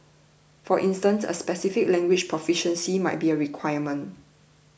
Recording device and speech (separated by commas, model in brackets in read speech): boundary microphone (BM630), read sentence